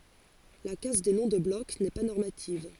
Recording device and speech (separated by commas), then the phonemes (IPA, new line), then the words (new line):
forehead accelerometer, read sentence
la kas de nɔ̃ də blɔk nɛ pa nɔʁmativ
La casse des noms de bloc n'est pas normative.